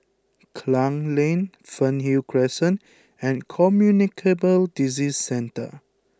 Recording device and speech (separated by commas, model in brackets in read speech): close-talking microphone (WH20), read sentence